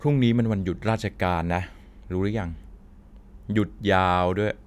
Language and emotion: Thai, frustrated